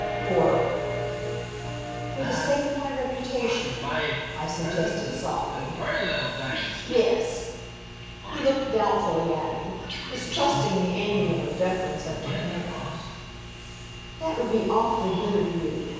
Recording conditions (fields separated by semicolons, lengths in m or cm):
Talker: one person; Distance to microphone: 7.1 m; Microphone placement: far; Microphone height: 1.7 m; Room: very reverberant, large; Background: television